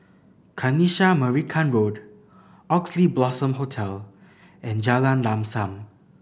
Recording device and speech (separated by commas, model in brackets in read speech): boundary microphone (BM630), read sentence